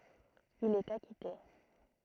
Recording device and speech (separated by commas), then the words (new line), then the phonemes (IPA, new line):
throat microphone, read sentence
Il est acquitté.
il ɛt akite